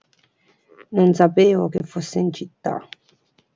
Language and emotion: Italian, neutral